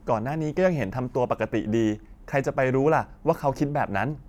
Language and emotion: Thai, neutral